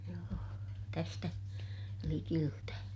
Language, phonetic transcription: Finnish, joo , tästä , likiltä .
- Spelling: joo tästä likeltä

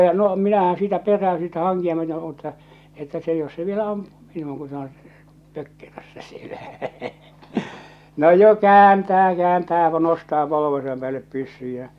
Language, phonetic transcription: Finnish, ja no 'minähää̰ 'siitä 'perräö siitä 'haŋkia myöte mutta , että se jos se vielä 'ampᴜᴜ Mɪɴnuuŋ ku se oo̰ , 'pökkerössä sielä , no jo 'kääntää 'kääntää ja 'nostaa 'polovesam pᵉäällep 'pyssyj jä .
- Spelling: ja no minähän siitä peräydyn siitä hankia myöten mutta että se jos se vielä ampuu minuun kun se on pökkerössä siellä no jo kääntää kääntää ja nostaa polvensa päälle pyssyn ja

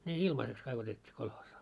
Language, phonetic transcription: Finnish, ne "ilmaseks 'kaik otet́t́ii 'kolhoosaa .
- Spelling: ne ilmaiseksi kaikki otettiin kolhoosiin

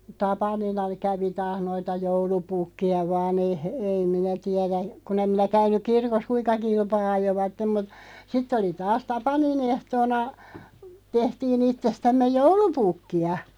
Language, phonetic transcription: Finnish, 'tapanina 'kävi taah 'noita "joulupukki₍a 'vaan ‿ei he- , ei 'minä 'tiɛrä , 'kun ‿em minä 'käyn̆nuk "kirkos "kuiᵑka 'kilpaa 'ajovattem mut , 'sitt ‿oli 'taas "tapanin ‿ehtoona , 'tehtii'n ‿ittestämmeʲ "joulupukki₍a .
- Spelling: tapanina kävi taas noita joulupukkeja vain ei - ei minä tiedä kun en minä käynyt kirkossa kuinka kilpaa ajoivat mutta sitten oli taas tapanin ehtoona tehtiin itsestämme joulupukkia

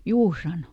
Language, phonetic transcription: Finnish, » ˈjuu » sano .
- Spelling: juu sanoi

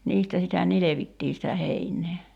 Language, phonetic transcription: Finnish, 'niistä sitä "nilevittii sitä 'heiǹee .
- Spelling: niistä sitä nilvettiin sitä heinää

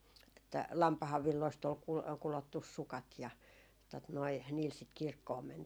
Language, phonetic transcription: Finnish, että "lampahav 'villoist ol kul- 'kulottus 'sukat ja , tot noi , niil sit "kirkkoom 'mäntii .
- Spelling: että lampaan villoista oli - kudottu sukat ja tuota noin niillä sitä kirkkoon mentiin

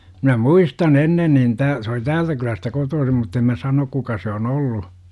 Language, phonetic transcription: Finnish, minä "muistan "ennen nin 'tää- , se oli "täältä kylästä 'kotoosim mutt ‿em mä 'sanok 'kuka se on 'ollu .
- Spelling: minä muistan ennen niin tämän se oli täältä kylästä kotoisin mutta en minä sano kuka se on ollut

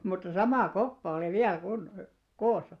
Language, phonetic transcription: Finnish, mut mutta "samà 'koppa olì 'viäl kunno- , "koosa .
- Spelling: mutta mutta sama koppa oli vielä - koossa

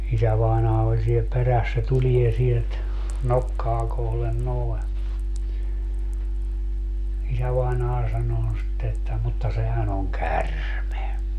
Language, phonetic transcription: Finnish, 'isävai̮naa oĺ siel 'peräs - se 'tulie sielt , "nokkaa kohlen 'noi̮ , 'isävainaa 'sanoo sitte että » mutta 'sehän ‿oŋ "kärme » .
- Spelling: isävainaja oli siellä perässä se tulee sieltä nokkaa kohden noin isävainaja sanoo sitten että mutta sehän on käärme

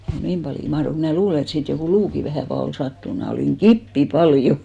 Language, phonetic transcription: Finnish, 'niim paljo 'mahrok mnä̀ 'luule et 'siit jokù "luuki 'vähä̀ fal- , ol 'sattun mnä̀ olìŋ "ɢippi 'pal'jo .
- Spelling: niin paljon mahtoiko minä luulen että siitä joku luukin vähän - oli sattunut minä olin kipeä paljon

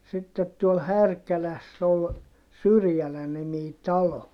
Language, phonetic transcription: Finnish, sittet tuol Härkäläss ‿ol , Syrjälä-nimii talo .
- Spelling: sitten tuolla Härkälässä oli Syrjälä-niminen talo

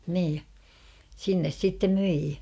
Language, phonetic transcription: Finnish, nii , 'sinnes 'sittem "myi .
- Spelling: niin sinne sitten myi

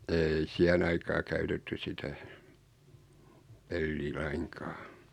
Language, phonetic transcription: Finnish, 'ei 'siähen ‿aikaa käytetty 'sitä , pellii 'laiŋkᴀᴀ .
- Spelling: ei siihen aikaan käytetty sitä peliä lainkaan

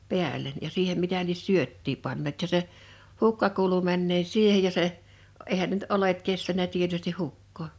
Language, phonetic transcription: Finnish, pi̬äl̀en ja 'siihem 'mitä lies "syöttii panneet ja se , "hukka kuulu männee "siihej ja se , eihän ne nʸt "olet 'kestänä tietysti 'hukkoo .
- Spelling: päälle ja siihen mitä lie syöttiä panneet ja se hukka kuului menneen siihen ja se eihän ne nyt oljet kestänyt tietysti hukkaa

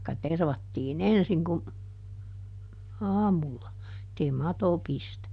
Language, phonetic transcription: Finnish, taikka "tervattii"n ‿ensiŋ kum , "aamulla , [et]tei "mato ˈpistä .
- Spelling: tai tervattiin ensin kun aamulla että ei mato pistä

